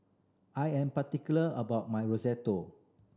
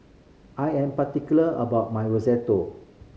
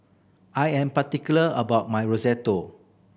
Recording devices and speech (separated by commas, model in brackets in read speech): standing microphone (AKG C214), mobile phone (Samsung C5010), boundary microphone (BM630), read sentence